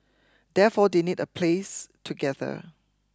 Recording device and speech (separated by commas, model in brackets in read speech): close-talking microphone (WH20), read sentence